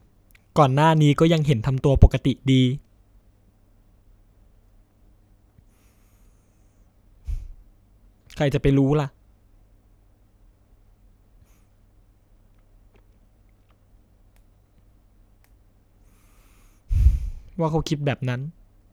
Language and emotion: Thai, sad